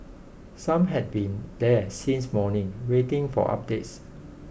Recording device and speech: boundary microphone (BM630), read sentence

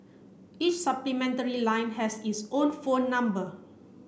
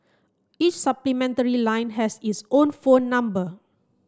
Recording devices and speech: boundary microphone (BM630), close-talking microphone (WH30), read sentence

